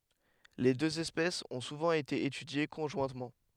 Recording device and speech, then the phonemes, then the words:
headset microphone, read sentence
le døz ɛspɛsz ɔ̃ suvɑ̃ ete etydje kɔ̃ʒwɛ̃tmɑ̃
Les deux espèces ont souvent été étudiées conjointement.

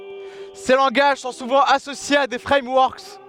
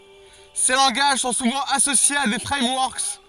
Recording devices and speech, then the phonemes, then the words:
headset microphone, forehead accelerometer, read sentence
se lɑ̃ɡaʒ sɔ̃ suvɑ̃ asosjez a de fʁɛmwɔʁk
Ces langages sont souvent associés à des frameworks.

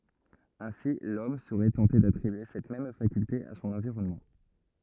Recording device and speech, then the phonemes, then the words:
rigid in-ear microphone, read sentence
ɛ̃si lɔm səʁɛ tɑ̃te datʁibye sɛt mɛm fakylte a sɔ̃n ɑ̃viʁɔnmɑ̃
Ainsi l'homme serait tenté d'attribuer cette même faculté à son environnement.

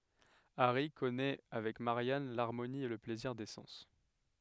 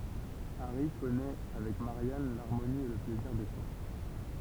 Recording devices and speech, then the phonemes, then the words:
headset microphone, temple vibration pickup, read sentence
aʁi kɔnɛ avɛk maʁjan laʁmoni e lə plɛziʁ de sɑ̃s
Harry connaît avec Marianne l'harmonie et le plaisir des sens.

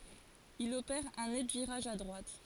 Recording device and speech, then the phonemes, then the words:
forehead accelerometer, read sentence
il opɛʁ œ̃ nɛt viʁaʒ a dʁwat
Il opère un net virage à droite.

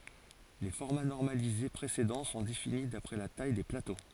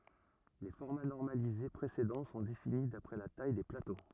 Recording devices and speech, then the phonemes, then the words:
forehead accelerometer, rigid in-ear microphone, read sentence
le fɔʁma nɔʁmalize pʁesedɑ̃ sɔ̃ defini dapʁɛ la taj de plato
Les formats normalisés précédents sont définis d’après la taille des plateaux.

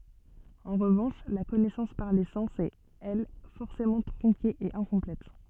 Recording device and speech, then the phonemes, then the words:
soft in-ear microphone, read sentence
ɑ̃ ʁəvɑ̃ʃ la kɔnɛsɑ̃s paʁ le sɑ̃s ɛt ɛl fɔʁsemɑ̃ tʁɔ̃ke e ɛ̃kɔ̃plɛt
En revanche, la connaissance par les sens est, elle, forcément tronquée et incomplète.

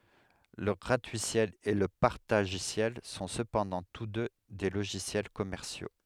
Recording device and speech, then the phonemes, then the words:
headset microphone, read sentence
lə ɡʁatyisjɛl e lə paʁtaʒisjɛl sɔ̃ səpɑ̃dɑ̃ tus dø de loʒisjɛl kɔmɛʁsjo
Le gratuiciel et le partagiciel sont cependant tous deux des logiciels commerciaux.

